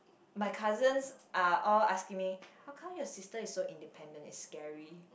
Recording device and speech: boundary microphone, conversation in the same room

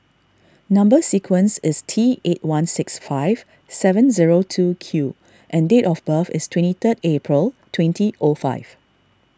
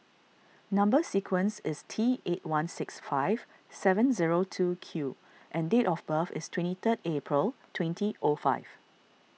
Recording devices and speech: standing microphone (AKG C214), mobile phone (iPhone 6), read sentence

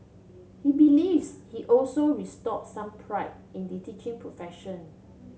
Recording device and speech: mobile phone (Samsung C7), read sentence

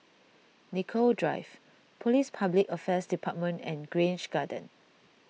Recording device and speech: mobile phone (iPhone 6), read sentence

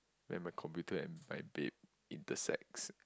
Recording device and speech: close-talking microphone, conversation in the same room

